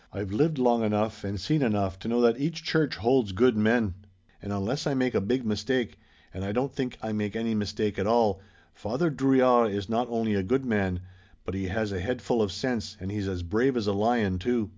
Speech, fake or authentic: authentic